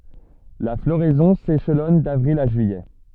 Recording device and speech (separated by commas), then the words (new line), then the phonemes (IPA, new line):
soft in-ear microphone, read sentence
La floraison s'échelonne d'avril à juillet.
la floʁɛzɔ̃ seʃlɔn davʁil a ʒyijɛ